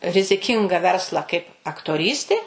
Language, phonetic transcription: Lithuanian, riziˈkinga ˈverslą kaip aktoˈrystė

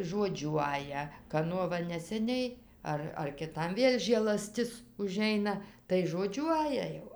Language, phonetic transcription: Lithuanian, žoˈdžiuoja kaˈnuo ˈva neseˈniai ˈar ar kiˈtam ˈvėl' žėlaˈstis uˈžeina tai žoˈdžiuoja jau

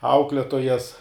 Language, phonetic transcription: Lithuanian, ˈaukletojas

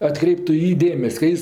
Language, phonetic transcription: Lithuanian, atˈkreiptu i ˈjį ˈdėmes' ka ˈjis

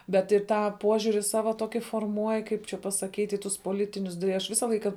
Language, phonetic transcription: Lithuanian, bet i ˈtą ˈpožiuri ˈsava ˈtoki forˈmuoj ˈkaip čia pasaˈkyt' i ˈtus poˈlitinius tai ˈaš ˈvisa ˈlaika

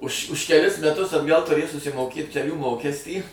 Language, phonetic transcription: Lithuanian, už už keˈlis meˈtus atˈgal tuˈrėj susimoˈkėt keˈlių ˈmokestį

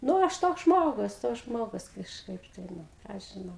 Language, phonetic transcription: Lithuanian, ˈnu ˈaš toks ˈžmogus toks ˈžmogus kažˈkaip tai ˈnu ˈką aš žiˈnau

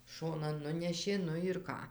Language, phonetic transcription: Lithuanian, ˈšonan ˈnunešė ˈnu ir ˈką

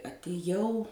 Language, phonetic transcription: Lithuanian, atiˈjau

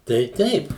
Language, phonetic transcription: Lithuanian, tai ˈteip

